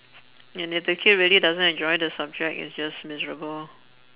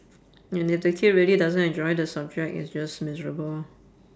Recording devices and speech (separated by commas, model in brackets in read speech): telephone, standing microphone, conversation in separate rooms